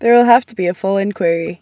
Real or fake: real